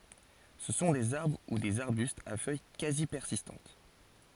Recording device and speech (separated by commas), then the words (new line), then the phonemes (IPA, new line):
forehead accelerometer, read sentence
Ce sont des arbres ou des arbustes à feuilles quasi persistantes.
sə sɔ̃ dez aʁbʁ u dez aʁbystz a fœj kazi pɛʁsistɑ̃t